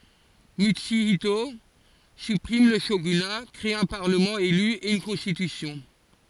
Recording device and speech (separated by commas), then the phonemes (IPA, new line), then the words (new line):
forehead accelerometer, read sentence
mytsyito sypʁim lə ʃoɡyna kʁe œ̃ paʁləmɑ̃ ely e yn kɔ̃stitysjɔ̃
Mutsuhito supprime le shogunat, crée un parlement élu et une constitution.